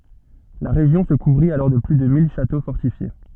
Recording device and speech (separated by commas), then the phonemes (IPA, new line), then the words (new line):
soft in-ear microphone, read sentence
la ʁeʒjɔ̃ sə kuvʁit alɔʁ də ply də mil ʃato fɔʁtifje
La région se couvrit alors de plus de mille châteaux fortifiés.